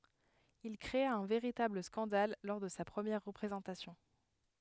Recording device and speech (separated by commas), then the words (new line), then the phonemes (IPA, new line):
headset microphone, read sentence
Il créa un véritable scandale lors de sa première représentation.
il kʁea œ̃ veʁitabl skɑ̃dal lɔʁ də sa pʁəmjɛʁ ʁəpʁezɑ̃tasjɔ̃